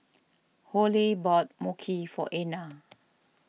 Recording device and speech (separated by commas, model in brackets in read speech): mobile phone (iPhone 6), read sentence